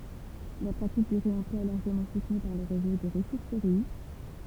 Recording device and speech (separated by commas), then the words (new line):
temple vibration pickup, read sentence
La pratique du réemploi est largement soutenue par le réseau des ressourceries.